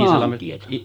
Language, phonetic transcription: Finnish, 'maantieta .
- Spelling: maantietä

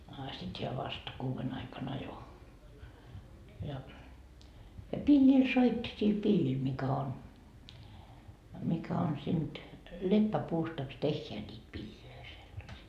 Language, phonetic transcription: Finnish, a 'sit heä vast , 'kuuven ‿aika'n ‿ajo , ja , ja "piĺĺil 'soitti sil 'piĺĺil mikä 'on , mikä on sinD , "leppäpuustaks 'tehheä ńiit 'piĺĺilöi sellasii .
- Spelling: a sitten hän vasta kuuden aikana ajoi ja ja pillillä soitti sillä pillillä mikä on mikä on siitä leppäpuustakos tehdään niitä pillejä sellaisia

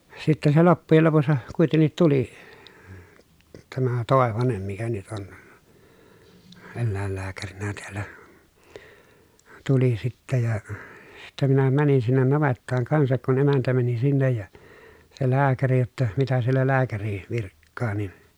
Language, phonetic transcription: Finnish, sitten se loppujel lopussa , kuitennit tuli , tämä Tòevanem mikä nyt on , ellä̀ellääkärinä teällä , tuli sittä ja , sittä minä mänin sinnen navettaaŋ kansak kun emäntä mäni sinnej ja , se lääkäri jotta , mitä siellä lääkäri , virkkaa nin .
- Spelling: sitten se loppujen lopussa kuitenkin tuli tämä Toivanen mikä nyt on eläinlääkärinä täällä tuli sitten ja sitten minä menin sinne navettaan kanssa kun emäntä meni sinne ja se lääkäri jotta mitä siellä lääkäri virkkaa niin

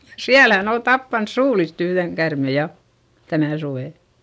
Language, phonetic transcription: Finnish, siälä hän ‿ol tappans suulist ‿yhδeŋ kärme ja , tänä̀ suvè .
- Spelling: siellä hän oli tappanut suulista yhden käärmeen ja tänä suvena

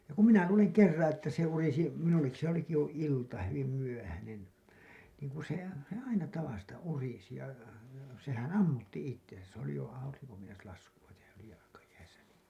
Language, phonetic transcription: Finnish, ja kum 'minä luuleŋ 'kerraa̰ että se urisi , minullekki se ‿oliki jo ilta , hyvim 'myöhänen , niiŋ kun̬ se , se "aina 'tavasta urisi ja , sehän "ammutti 'ittensä , s ‿oli jo , auriŋko meinas lasku₍a tehä , s ‿oli jalakajäisä niin .
- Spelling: ja kun minä luulen kerran että se urisi minullekin se olikin jo ilta hyvin myöhäinen niin kun se se aina tavasta urisi ja sehän ammutti itsensä se oli jo aurinko meinasi laskea tehdä se oli jalkajäissä niin

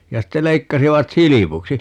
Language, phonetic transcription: Finnish, 'ja ste 'leikkasivat "silipuksi .
- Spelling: ja sitten leikkasivat silpuksi

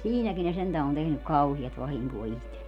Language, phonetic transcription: Finnish, "siinäkin ne sentä on 'tehnyk "kauhiast 'vahiŋkoo 'ihtellie .
- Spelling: siinäkin ne sentään on tehnyt kauheasti vahinkoa itselleen

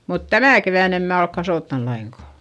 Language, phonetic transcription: Finnish, mut tämä̀ kevä̀n ‿em mää olk kasòttan laiŋkà .
- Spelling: mutta tämä keväänä en minä ole kasvattanut lainkaan

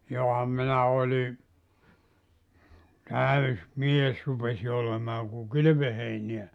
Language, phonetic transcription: Finnish, 'joham minä oĺi , 'täys 'mies rupesi olemaa ku "kylʸvöheiniä .
- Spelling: johan minä olin täysi mies rupesin olemaan kun kylvöheiniä

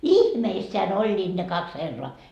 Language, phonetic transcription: Finnish, "ihmeisseän 'oĺĺiiD ne 'kaks "herroa .
- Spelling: ihmeissään olivat ne kaksi herraa

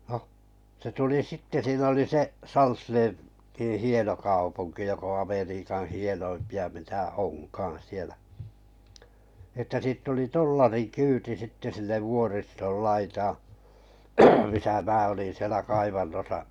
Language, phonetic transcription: Finnish, noh , se tuli 'sitte siin ‿oli 'se’ , "Salslee- -Tḭḭ 'hieno 'kaupuŋki jok ‿oo̰ Ameriikan̬ 'hienoimpi₍a mitä "onkaaa̰ sielä , ᵉttä 'siitt ‿oli "tollari'kyyti sitte sille 'vuoristol 'laitaa , misä 'mää olin sielä 'kaivannosa’ ,.
- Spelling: no se tuli sitten siinä oli se - Salsleetin hieno kaupunki joka on Amerikan hienoimpia mitä onkaan siellä että siitä oli dollarikyyti sitten sille vuoriston laitaan missä minä olin siellä kaivannossa

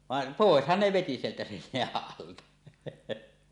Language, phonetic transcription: Finnish, 'vàen , "pòeshan ne veti sieltä sen̳ 'jeäˀ "ˀalta .
- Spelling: vaan poishan ne veti sieltä sen jään alta

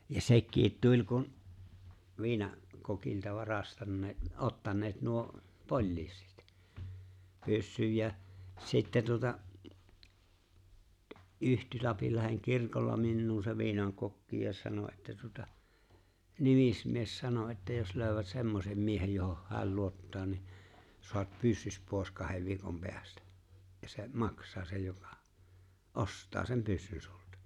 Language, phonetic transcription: Finnish, ja 'sekkiit "tuĺ kun , 'viina- , 'kokilta , 'varastanneet , '’ottanneet , nuo , "poĺliisit , 'pyssyj jä , 'sittä tuᵒta , '’yhty ''Lapillaheŋ "kirkolla 'minnuu se 'viinaŋkokki ja 'sano että tuᵒta , "nimismies 'sano että » jos 'lööʸwät 'semmosem 'miehej johoh "hä̀l 'luottaa ni , soat 'pyssys pòes 'kahev 'viikom 'peästᴀ̈ , ja se "maks̀aa 'se joka , "’ost̀aa sem 'pyssyn sulta « .
- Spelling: ja sekin tuli kun - viinakokilta varastaneet ottaneet nuo poliisit pyssyn ja sitten tuota yhtyi Lapinlahden kirkolla minuun se viinakokki ja sanoi että tuota nimismies sanoi että jos löytävät semmoisen miehen johon hän luottaa niin saat pyssysi pois kahden viikon päästä ja se maksaa se joka ostaa sen pyssyn sinulta

